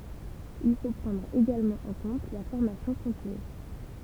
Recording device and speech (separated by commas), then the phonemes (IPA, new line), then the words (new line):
temple vibration pickup, read sentence
il fo pʁɑ̃dʁ eɡalmɑ̃ ɑ̃ kɔ̃t la fɔʁmasjɔ̃ kɔ̃tiny
Il faut prendre également en compte la formation continue.